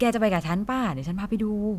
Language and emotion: Thai, happy